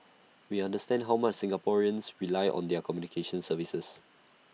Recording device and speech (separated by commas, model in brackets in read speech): mobile phone (iPhone 6), read sentence